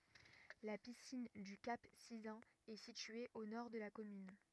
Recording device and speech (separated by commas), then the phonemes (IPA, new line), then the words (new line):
rigid in-ear microphone, read sentence
la pisin dy kap sizœ̃n ɛ sitye o nɔʁ də la kɔmyn
La piscine du Cap Sizun est située au nord de la commune.